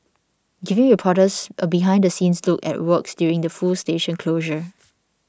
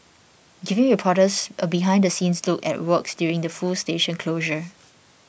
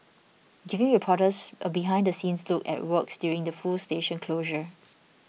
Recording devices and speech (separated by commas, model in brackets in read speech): standing microphone (AKG C214), boundary microphone (BM630), mobile phone (iPhone 6), read sentence